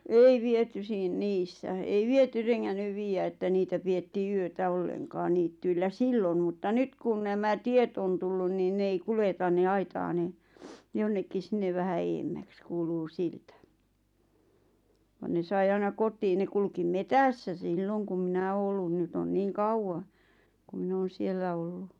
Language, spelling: Finnish, ei viety - niissä ei viety rengännyt viedä että niitä pidettiin yötä ollenkaan niityillä silloin mutta nyt kun nämä tiet on tullut niin ne ei kuljeta ne aitaa ne jonnekin sinne vähän edemmäksi kuuluu siltä vaan ne sai aina kotiin ne kulki metsässä silloin kun minä olen ollut nyt on niin kauan kuin minä olen siellä ollut
- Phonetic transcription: ei 'viety siin- "niissä , ei 'viety reŋŋännyv 'viijä että 'niitä pi₍ettii "yötä 'olleŋkaaⁿ niittyillä "sillon̳ mutta "nyt kun nämä 'tiet on tullun niin 'ne ᵉi 'kuleta ne 'aitaa ne , 'jonnekkis 'sinneᵛ vähä "eemmäks 'kuuluu "siltä , van ne 'sai 'aina 'kot̆tiin ne kulkim "metässä 'silloŋ kum 'minä oo ollun 'nyt ‿on 'niiŋ "kauwa , ku 'min ‿oon̬ "siellä 'ollu .

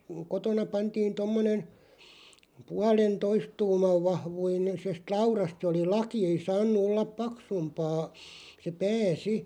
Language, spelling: Finnish, kotona pantiin tuommoinen puolentoista tuuman - vahvuisesta laudasta se oli laki ei saanut olla paksumpaa se pää sitten
- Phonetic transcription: 'kotona 'pantiin 'tommonen̬ , 'pualen"toist 'tuumav 'vahvuine- -sest 'laurast se oli "laki 'ei "saannu 'ollap "paksumpaa , se "pää 'si .

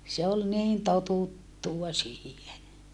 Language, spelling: Finnish, se oli niin totuttua siihen
- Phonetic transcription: se ol niin totuttua siihe .

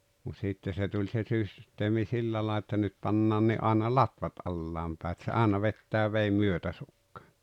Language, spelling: Finnish, mutta sitten se tuli se - systeemi sillä - että nyt pannaan aina latvat alas päin että se aina vetää veden myötäsukaan
- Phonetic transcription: mut 'sitte se tuĺ se 'sys- , -teemi "sillä laa- että 'nyt 'pannaanni ’àena "latvat '’allaam pää et se 'àena "vettää 'veim "myötäsukkᴀᴀ .

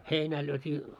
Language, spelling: Finnish, heinää lyötiin
- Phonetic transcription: 'heinää lyöt́ii .

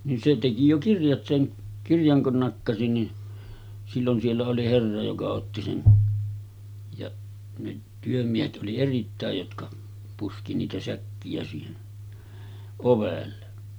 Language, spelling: Finnish, niin se teki jo kirjat sen kirjan kun nakkasi niin silloin siellä oli herra joka otti sen ja ne työmiehet oli erittäin jotka puski niitä säkkiä siihen ovelle
- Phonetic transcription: nin se teki jo 'kirjat seŋ 'kirjaŋ kun nakkasi ni , sillon siellä oli 'herra joka otti sen , jaˀ , ne 'työmiehet ’oli 'erittä̀ej jotka , puski niitä 'säkki₍ä siihen , 'ovelle .

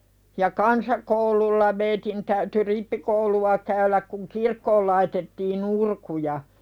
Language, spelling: Finnish, ja kansakoululla meidän täytyi rippikoulua käydä kun kirkkoon laitettiin urkuja
- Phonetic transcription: ja "kansakoululla meitin täyty "rippikoulu₍a käyläk kuŋ "kirkkool laitettii'n ‿urkuja .

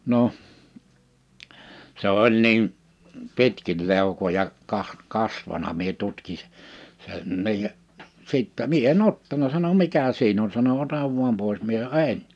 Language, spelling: Finnish, no se oli niin pitkin leukoja - kasvanut minä tutkin - senkin ja sitten minä en ottanut sanoi mikä siinä on sanoi ota vain pois minä sanoin en
- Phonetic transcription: noʰ , 'se oĺ 'niim , "pitkil 'lèu̬koja , kah- , 'kasvana mie 'tutki sᴇ- , 'senniij ja , 'sìttä mie e"n ‿ottana sano » 'mikä siin ‿on « sano » 'otav vuam pòis « mie (sano) » "e̬n ! «

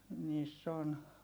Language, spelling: Finnish, niissä on
- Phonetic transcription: niiss ‿on .

